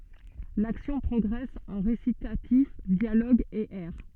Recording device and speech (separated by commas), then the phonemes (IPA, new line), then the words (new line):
soft in-ear microphone, read sentence
laksjɔ̃ pʁɔɡʁɛs ɑ̃ ʁesitatif djaloɡz e ɛʁ
L’action progresse en récitatifs, dialogues et airs.